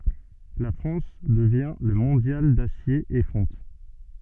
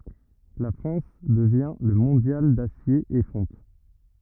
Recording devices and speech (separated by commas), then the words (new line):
soft in-ear microphone, rigid in-ear microphone, read sentence
La France devient le mondial d'acier et fonte.